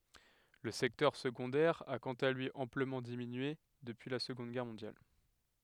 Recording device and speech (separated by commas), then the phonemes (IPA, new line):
headset microphone, read sentence
lə sɛktœʁ səɡɔ̃dɛʁ a kɑ̃t a lyi ɑ̃pləmɑ̃ diminye dəpyi la səɡɔ̃d ɡɛʁ mɔ̃djal